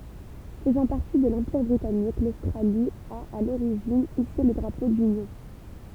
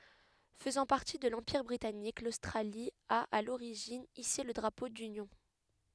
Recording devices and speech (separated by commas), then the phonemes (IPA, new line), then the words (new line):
temple vibration pickup, headset microphone, read sentence
fəzɑ̃ paʁti də lɑ̃piʁ bʁitanik lostʁali a a loʁiʒin ise lə dʁapo dynjɔ̃
Faisant partie de l'Empire britannique, l'Australie a, à l'origine, hissé le Drapeau d'Union.